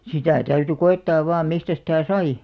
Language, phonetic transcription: Finnish, 'sitä̀ täyty 'ko₍ettaav vaam 'mistä sitä̀ "sai .
- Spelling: sitä täytyi koettaa vain mistä sitä sai

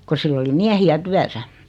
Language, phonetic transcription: Finnish, ko 'sill ‿oli 'miähi₍ä "tyäsä .
- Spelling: kun sillä oli miehiä työssä

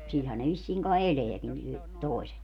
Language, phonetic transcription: Finnish, 'silhän ne vissiiŋ kai "eleäkin y- , 'tòiset .
- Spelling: sillähän ne vissiin kai elääkin - toiset

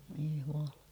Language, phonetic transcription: Finnish, voi juᴍᴀʟᴀ .
- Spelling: voi Jumala

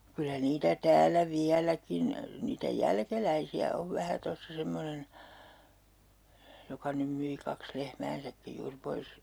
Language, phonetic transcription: Finnish, 'kylä 'niitä 'täällä "viäläkin , niitä "jälkeläisi₍ä ov 'vähä 'tossa semmonen , joka 'nym myi 'kaks "lehmäänsäkkij juur 'pois .
- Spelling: kyllä niitä täällä vieläkin niitä jälkeläisiä on vähän tuossa semmoinen joka nyt myi kaksi lehmäänsäkin juuri pois

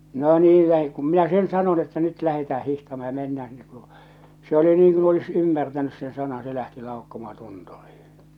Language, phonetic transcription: Finnish, no 'niil lähe- kum minä 'sen 'sanon että "nyt 'lähetää "hihtamaa ja "mennää sinne ᵏᵘʳᵘ , se oli niŋ kun olis 'ymmärtänys sen "sanan se lähti "laukkomahᴀ 'tunturiiḭ .
- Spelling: no niin - kun minä sen sanoin että nyt lähdetään hiihtämään ja mennään sinne kuru se oli niin kuin olisi ymmärtänyt sen sanan se lähti laukkomaan tunturiin

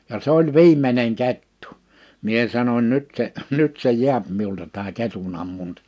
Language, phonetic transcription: Finnish, ja 'se ‿oĺ "viim̀eneŋ 'kettᴜ , 'mie sanoń 'nyt se , 'nyt se 'ji̬äp miulta tää 'ketun ‿ammuntɪ .
- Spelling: ja se oli viimeinen kettu minä sanoin nyt se nyt se jää minulta tämä ketun ammunta

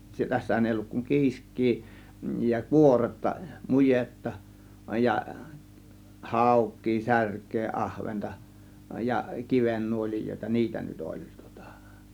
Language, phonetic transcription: Finnish, 'tässähän èi olluk kuŋ "kiisk̆kii ja "kuoretta , "mujetta , ja , "hàuk̆kii , "särk̆kee "ˀahventa , ja "kivennuol͕ijòėta "niitä nyt 'oĺ tŬŎtA .
- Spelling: tässähän ei ollut kuin kiiskeä ja kuoretta mujetta ja haukea särkeä ahventa ja kivennuolijoita niitä nyt oli tuota

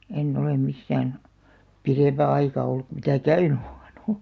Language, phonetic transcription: Finnish, 'en'n ‿olem 'missään , "pirèmpä aika 'olluk ku mitä "käyɴʏ ᴏʟᴇɴ ᴏʟ- .
- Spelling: en ole missään pidempää aikaa ollut kuin mitä käynyt olen -

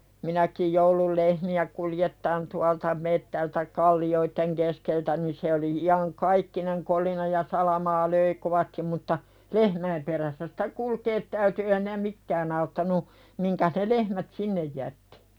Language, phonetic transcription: Finnish, 'minäkij joulul "lehmi₍ä kul-jettaan tualta 'mettältä "kalli₍oitteŋ keskeltä ni se oli 'i₍aŋ"kaikkineŋ kolina ja "salamaa löi 'kovastim mutta , 'lehmäim perässä sitä "kulkeet täyty ee hinä "mikkään ‿auttanu , miŋkäs ne 'lehmät "sinnej jättɪ .
- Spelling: minäkin jouduin lehmiä kuljettamaan tuolta metsältä kallioiden keskeltä niin se oli iankaikkinen kolina ja salamaa löi kovasti mutta lehmäin perässä sitä kulkea täytyi ei siinä mikään auttanut mihinkäs ne lehmät sinne jättää

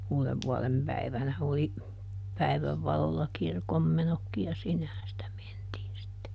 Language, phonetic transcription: Finnish, "uulevvuɔlempäivänä oli , ˈpäi̮väv ˈvalolla "kirkommenokkiʲ ja ˈsinnehän sitä ˈmentiin sitte .
- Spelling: uudenvuodenpäivänä oli päivän valolla kirkonmenotkin ja sinnehän sitä mentiin sitten

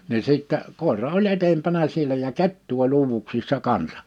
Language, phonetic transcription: Finnish, ni 'sìttä , 'kòera oĺ 'etempänä sielä ja "kettu oĺ 'uuvuksissa 'kansa .
- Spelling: niin sitten koira oli edempänä siellä ja kettu oli uuvuksissa kanssa

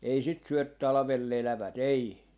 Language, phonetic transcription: Finnish, ei sit syö 'talᵃvel'l ‿elävät 'ei .
- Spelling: ei sitä syö talvella elävät ei

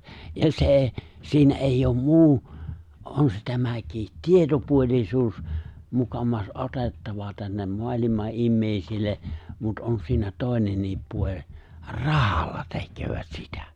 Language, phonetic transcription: Finnish, ja se eeⁱ , 'siinä ’èijj ‿om "muu , '’on se tämäkiit "tietopuoĺisuus , 'mukamas '’otettava tännem 'moalima’ '’immèisil̆le , mut 'on siinä 'tòenenniip puo͕ĺ , "rahalla 'tekköövät sitᴀ̈ .
- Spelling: ja se ei siinä ei ole muu on se tämäkin tietopuolisuus muka otettava tänne maailman ihmisille mutta on siinä toinenkin puoli rahalla tekevät sitä

